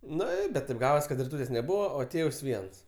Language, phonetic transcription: Lithuanian, ˈnu i bet tėp ˈgavas kad riˈtūtės' neˈbūva o ˈtėvs ˈviens

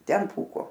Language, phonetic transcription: Lithuanian, ˈten ˈpūko

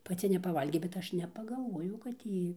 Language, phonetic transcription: Lithuanian, paˈci nepaˈvalgė bet ˈaš nepagalˈvojau kad ˈjy

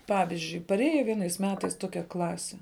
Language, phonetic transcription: Lithuanian, ˈpavizdžiui paˈrėja ˈvienais ˈmetais ˈtokia ˈklasi

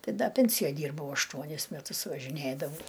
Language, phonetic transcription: Lithuanian, ˈtai ˈda ˈpensijoj ˈdyrbau ašˈtuonis meˈtus važiˈnėdavau

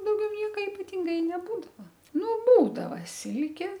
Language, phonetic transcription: Lithuanian, dauˈgiau ˈnieka ipaˈtinga i neˈbūdava ˈnu ˈbūdava ˈsilkė

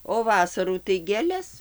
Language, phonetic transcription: Lithuanian, o ˈvasarų tai gėˈles

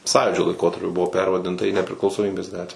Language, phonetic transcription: Lithuanian, ˈsąjūdžio laiˈkotarpiu ˈbuvo ˈpervadinta į nepriklausoˈmybės ˈgatvę

